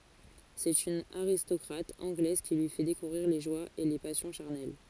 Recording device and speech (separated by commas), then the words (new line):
forehead accelerometer, read sentence
C'est une aristocrate anglaise qui lui fait découvrir les joies et les passions charnelles.